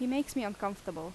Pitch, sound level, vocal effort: 200 Hz, 84 dB SPL, normal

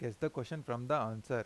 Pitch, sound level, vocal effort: 125 Hz, 87 dB SPL, normal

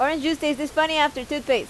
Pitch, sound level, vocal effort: 295 Hz, 89 dB SPL, loud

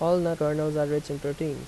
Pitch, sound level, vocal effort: 150 Hz, 84 dB SPL, normal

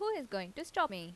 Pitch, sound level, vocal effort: 275 Hz, 86 dB SPL, normal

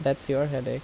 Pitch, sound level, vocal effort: 135 Hz, 79 dB SPL, normal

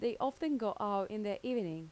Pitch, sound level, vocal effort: 215 Hz, 85 dB SPL, normal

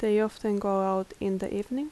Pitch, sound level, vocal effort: 205 Hz, 80 dB SPL, soft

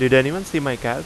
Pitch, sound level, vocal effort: 130 Hz, 88 dB SPL, loud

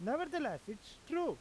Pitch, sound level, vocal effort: 310 Hz, 93 dB SPL, very loud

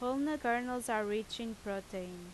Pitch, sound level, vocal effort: 225 Hz, 87 dB SPL, loud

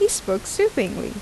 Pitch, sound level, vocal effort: 225 Hz, 82 dB SPL, normal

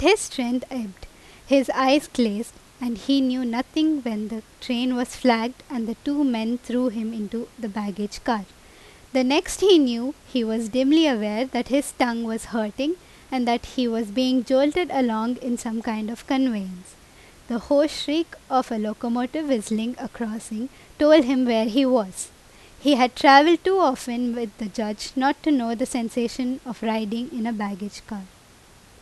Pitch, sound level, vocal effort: 245 Hz, 86 dB SPL, loud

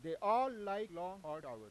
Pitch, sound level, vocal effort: 185 Hz, 101 dB SPL, very loud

